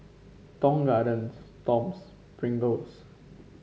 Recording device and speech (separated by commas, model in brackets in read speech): mobile phone (Samsung C5), read sentence